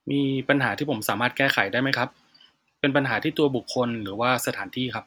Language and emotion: Thai, neutral